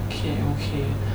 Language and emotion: Thai, sad